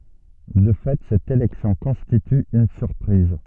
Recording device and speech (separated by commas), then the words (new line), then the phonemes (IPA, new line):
soft in-ear microphone, read sentence
De fait, cette élection constitue une surprise.
də fɛ sɛt elɛksjɔ̃ kɔ̃stity yn syʁpʁiz